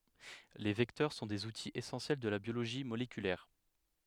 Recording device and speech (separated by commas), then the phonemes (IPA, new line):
headset microphone, read sentence
le vɛktœʁ sɔ̃ dez utiz esɑ̃sjɛl də la bjoloʒi molekylɛʁ